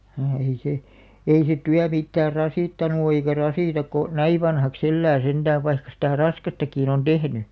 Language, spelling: Finnish, ei se ei se työ mitään rasittanut ole eikä rasita kun näin vanhaksi elää sentään vaikka sitä raskastakin on tehnyt
- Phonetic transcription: ehei se , 'ei se "tyä 'mittäär "rasìttanu o eikä "rasìtak̆ ko , "näi 'vanhaks 'ellää 'senᴅääv̆ vaikka sitä̀ "raskastakìn ‿on "ᴅehny .

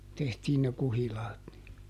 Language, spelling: Finnish, tehtiin ne kuhilaat niin
- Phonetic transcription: ˈtehtiin ne ˈkuhilaat ni .

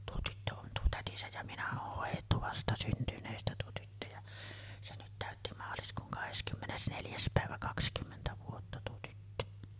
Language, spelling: Finnish, tuo tyttö on tuo tätinsä ja minä on hoidettu vastasyntyneestä tuo tyttö ja se nyt täytti maaliskuun kahdeskymmenes neljäs päivä kaksikymmentä vuotta tuo tyttö
- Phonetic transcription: tuo 'tyttö on "tuo "tätisäj ja 'minä oh hòij̆jettu 'vastasyntyǹeestä tuo tyttö ja , se nyt 'tä̀ötti "maaliskuuŋ 'kaheskymmes 'neljäs pä̀evä "kakskymmentä vuotta tuo tyttö .

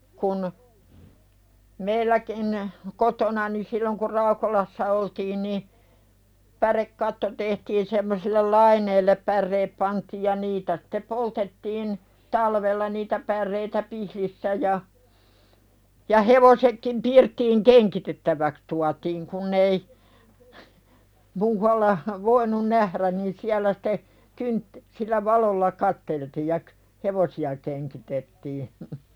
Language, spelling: Finnish, kun meilläkin kotonani silloin kun Raukolassa oltiin niin pärekatto tehtiin semmoisille laineille päreet pantiin ja niitä sitten poltettiin talvella niitä päreitä pihdissä ja ja hevosetkin pirttiin kengitettäväksi tuotiin kun ei muualla voinut nähdä niin siellä sitten - sillä valolla katseltiin ja - hevosia kengitettiin
- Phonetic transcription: kun , 'meilläkin , 'kotonani silloŋ kur "Raukolassa oltiin ni , 'pärekkatto tehtiin semmosillel "laineillep pärreep pantiij ja 'niitä sᴵte "poltettiin , 'talvella niitä 'pärreitä "pihlissä ja , ja hevosekkim 'pirttiiŋ "keŋkitettäväks tuatiiŋ kunn ‿ei , 'muu(v)alla , "voinun nährän niin siälä site , kynt- , sillä "valolla 'katteltii ja k- , "hevosi₍a keŋkitettii .

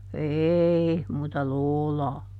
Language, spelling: Finnish, ei muuta lootaa
- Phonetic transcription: "eei , muuta "loolaa .

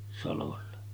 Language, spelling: Finnish, salolle
- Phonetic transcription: salolle .

